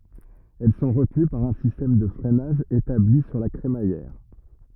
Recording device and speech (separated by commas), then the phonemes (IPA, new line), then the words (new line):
rigid in-ear microphone, read sentence
ɛl sɔ̃ ʁətəny paʁ œ̃ sistɛm də fʁɛnaʒ etabli syʁ la kʁemajɛʁ
Elles sont retenues par un système de freinage établi sur la crémaillère.